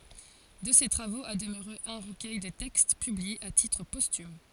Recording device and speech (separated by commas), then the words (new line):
forehead accelerometer, read sentence
De ces travaux a demeuré un recueil de textes, publié à titre posthume.